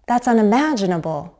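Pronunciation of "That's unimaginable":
In 'That's unimaginable', there is a sharp rise in the voice before it falls.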